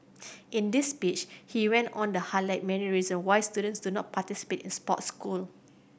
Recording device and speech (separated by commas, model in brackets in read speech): boundary microphone (BM630), read sentence